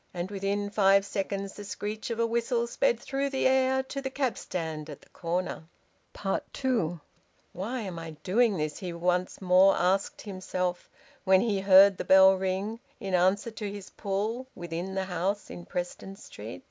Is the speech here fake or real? real